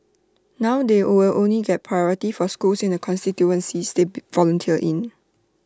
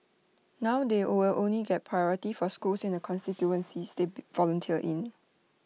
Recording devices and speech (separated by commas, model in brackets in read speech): standing microphone (AKG C214), mobile phone (iPhone 6), read sentence